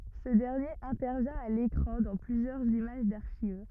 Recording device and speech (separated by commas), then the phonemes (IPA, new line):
rigid in-ear microphone, read sentence
sə dɛʁnjeʁ ɛ̃tɛʁvjɛ̃ a lekʁɑ̃ dɑ̃ plyzjœʁz imaʒ daʁʃiv